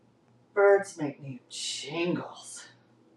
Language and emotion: English, disgusted